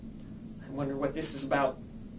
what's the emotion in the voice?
fearful